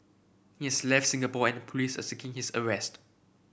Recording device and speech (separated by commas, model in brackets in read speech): boundary microphone (BM630), read sentence